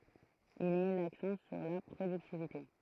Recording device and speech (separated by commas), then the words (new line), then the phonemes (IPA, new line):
throat microphone, read sentence
Il met l’accent sur la productivité.
il mɛ laksɑ̃ syʁ la pʁodyktivite